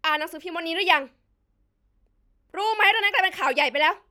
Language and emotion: Thai, angry